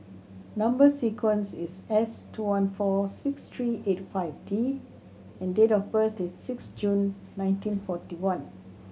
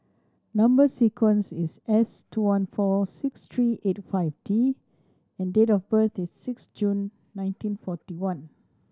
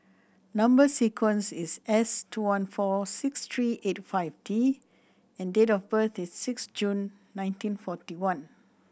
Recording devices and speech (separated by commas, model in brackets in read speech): mobile phone (Samsung C7100), standing microphone (AKG C214), boundary microphone (BM630), read sentence